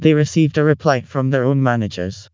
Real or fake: fake